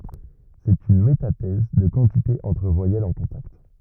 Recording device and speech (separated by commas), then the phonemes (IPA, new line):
rigid in-ear microphone, read sentence
sɛt yn metatɛz də kɑ̃tite ɑ̃tʁ vwajɛlz ɑ̃ kɔ̃takt